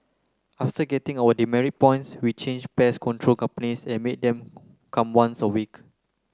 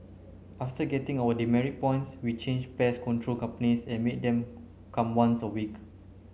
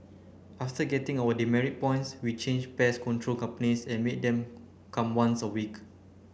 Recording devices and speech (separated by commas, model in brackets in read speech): close-talking microphone (WH30), mobile phone (Samsung C9), boundary microphone (BM630), read sentence